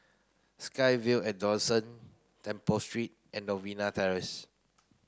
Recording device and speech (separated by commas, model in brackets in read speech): close-talking microphone (WH30), read sentence